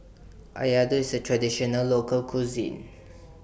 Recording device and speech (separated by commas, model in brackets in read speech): boundary microphone (BM630), read sentence